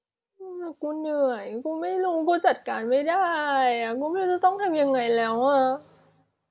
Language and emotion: Thai, sad